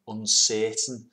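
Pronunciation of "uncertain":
'Uncertain' is said with a Scouse accent, in how the er sound in the middle is pronounced.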